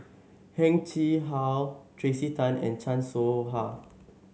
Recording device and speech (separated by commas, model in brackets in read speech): mobile phone (Samsung S8), read sentence